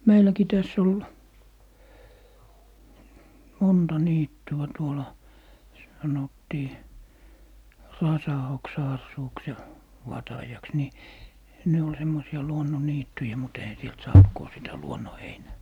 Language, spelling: Finnish, meilläkin tässä oli monta niittyä tuolla sanottiin Rasaoksa-asuuksi ja Vatajaksi niin ne oli semmoisia luonnonniittyjä mutta eihän sieltä saanut kun sitä luonnonheinää
- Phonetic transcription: "meiläki 'täss ‿ol , 'monta "niittya 'tuola , 'sanottii , "Rasaoksa₍assuuks ja , "Vatajaks ni , ne ol 'semmosi₍a "luonnoniittyjä mut eihä 'sielt 'saant ko 'sitä "luonno'heinää .

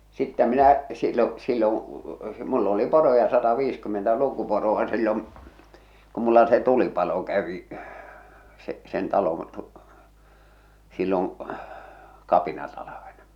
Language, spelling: Finnish, sitten minä silloin silloin minulla oli poroja sataviisikymmentä lukuporoa silloin kun minulla se tulipalo kävi se sen talon - silloin kapinatalvena
- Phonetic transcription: 'sittä 'minä , sil̆lo , silloŋ̳ , mull ‿oli "poroja 'sataviiskymmentä 'lukuporoʷa sillom̳ , ku mulla se 'tulipalo kävi , se , sen 'taloo̰ ᵗᵘˉ , 'silloŋ , 'kapinatalavena ,.

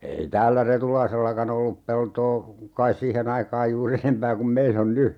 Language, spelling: Finnish, ei täällä Retulaisellakaan ollut peltoa kai siihen aikaan juuri enempää kuin meillä on nyt
- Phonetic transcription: ei 'täällä "Retulaisellaka'n ‿ollup peltoo , kais 'siihen ‿aikaaj juur'r ‿enempää kum 'meil ‿on "ny .

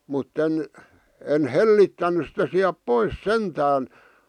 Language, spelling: Finnish, mutta en en hellittänyt sitä sieltä pois sentään
- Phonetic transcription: mut'ten , en "hellittännys sitä siäp "pois "sentään .

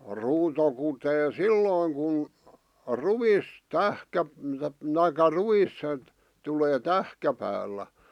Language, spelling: Finnish, ruuto kutee silloin kun ruis - tai ruis tulee tähkäpäällä
- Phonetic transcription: 'ruuto kutee "sillòⁱŋ kun , "ruvis , 'tähkä- (t)aikka "ruis , tulee 'tähkäpäällä .

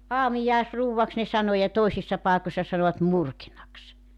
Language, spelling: Finnish, aamiaisruuaksi ne sanoi ja toisissa paikoissa sanoivat murkinaksi
- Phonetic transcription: "aamijàesruuwvaks ne 'sano ja 'toisissa pàekossa sanovat 'murkinaks .

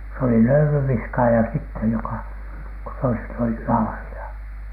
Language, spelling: Finnish, se oli löylynviskaaja sitten joka kun toiset olivat laarilla
- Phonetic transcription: se oli "löylyw̆viskaaja sittej 'joka , ko toiset olih "laarila .

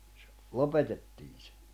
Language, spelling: Finnish, - lopetettiin se
- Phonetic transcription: s̥- , "lopetettiin̬ sᴇ .

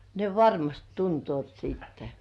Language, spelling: Finnish, ne varmasti tuntevat sitten
- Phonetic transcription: ne varmast tuntŭòt siittᴀ̈ .

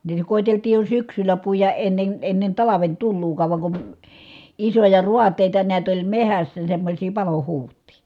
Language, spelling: Finnish, niitä koeteltiin jo syksyllä puida ennen ennen talven tuloakaan vaan kun isoja raateita näet oli metsässä semmoisia palohuhtia
- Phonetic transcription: niitä kòiteltiij jo syksylä puijaʼ ʼennen , ennen talaven tulluukaav va kun , isoja ruat̀èita niät oĺ mehässä semmośii palohuuht̀ii .

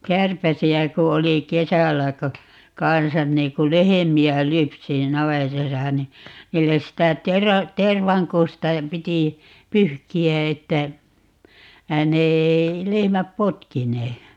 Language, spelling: Finnish, kärpäsiä kun oli kesällä kun kanssa niin kun lehmiä lypsi niin navetassa niin niille sitä - tervankusta piti pyyhkiä että ne ei lehmät potkineet
- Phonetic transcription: 'kärpäsi₍ä ku 'oli "kesällä ko , "kansan nii ku "lehemi₍ä "lypsi ni "navetasa ni , 'niilles 'sitä 'tera- , "tervaŋkusta , 'piti , "pyhki₍ä että, 'ne 'ei 'lehmäp "potkinee .

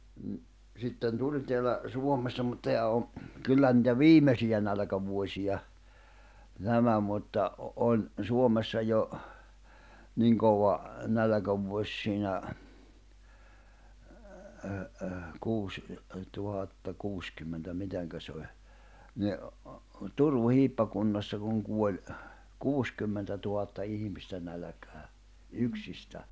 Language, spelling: Finnish, no sitten tuli täällä Suomessa mutta tämä on kyllä niitä viimeisiä nälkävuosia nämä mutta - oli Suomessa jo niin kova nälkävuosi siinä kuusi tuhatta kuusikymmentä miten se oli niin Turun hiippakunnassa kun kuoli kuusikymmentätuhatta ihmistä nälkään yksistään
- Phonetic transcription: nⁱ , sitten "tuĺ teälä , 'Suommessa mut teä o , 'kyllä nⁱtä "viimesijä nälᵃ̈kävuośija , 'nämä mutta , ’o- oĺ , 'Suomessa jo , 'niiŋ kova , 'nälᵃ̈kävuoś siinä , kuuś , tuhatta 'kuuskymmentä 'miteŋkä se oĺ , ni , "Turu 'hiippakunnassa kuŋ kuoĺ , "kuuskymmentätuhatta 'ihimistä nälᵃ̈kää , 'yksistä .

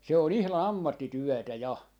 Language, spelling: Finnish, se on ihan ammattityötä ja
- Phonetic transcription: 'se ‿o'n ‿ihlan "ammattityɔ̈̀tä "ja .

